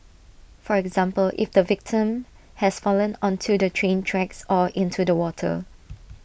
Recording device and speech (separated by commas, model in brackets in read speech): boundary microphone (BM630), read sentence